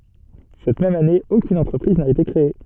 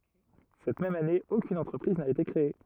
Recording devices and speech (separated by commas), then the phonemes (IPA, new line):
soft in-ear microphone, rigid in-ear microphone, read sentence
sɛt mɛm ane okyn ɑ̃tʁəpʁiz na ete kʁee